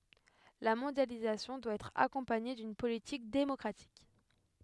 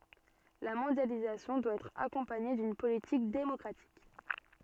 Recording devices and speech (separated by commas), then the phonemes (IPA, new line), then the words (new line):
headset microphone, soft in-ear microphone, read sentence
la mɔ̃djalizasjɔ̃ dwa ɛtʁ akɔ̃paɲe dyn politik demɔkʁatik
La mondialisation doit être accompagnée d'une politique démocratique.